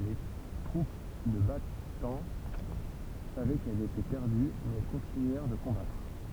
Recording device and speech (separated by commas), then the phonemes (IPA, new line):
temple vibration pickup, read sentence
le tʁup də bataɑ̃ savɛ kɛlz etɛ pɛʁdy mɛz ɛl kɔ̃tinyɛʁ də kɔ̃batʁ